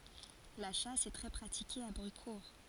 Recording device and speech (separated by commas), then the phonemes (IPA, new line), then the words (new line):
forehead accelerometer, read sentence
la ʃas ɛ tʁɛ pʁatike a bʁykuʁ
La chasse est très pratiquée à Brucourt.